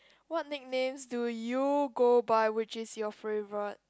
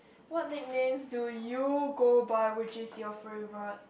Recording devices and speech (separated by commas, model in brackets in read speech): close-talking microphone, boundary microphone, conversation in the same room